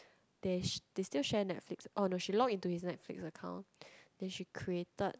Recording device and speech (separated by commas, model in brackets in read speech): close-talking microphone, conversation in the same room